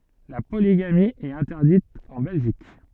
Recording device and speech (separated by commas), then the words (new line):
soft in-ear microphone, read sentence
La polygamie est interdite en Belgique.